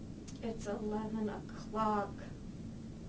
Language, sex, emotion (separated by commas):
English, female, sad